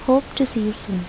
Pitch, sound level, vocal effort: 235 Hz, 96 dB SPL, loud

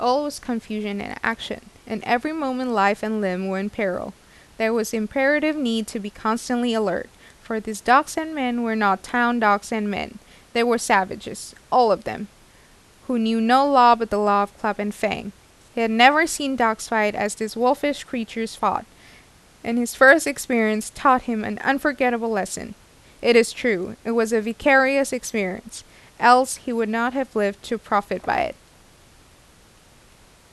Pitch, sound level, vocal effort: 230 Hz, 85 dB SPL, normal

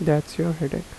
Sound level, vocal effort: 78 dB SPL, soft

